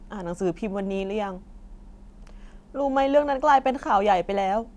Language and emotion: Thai, sad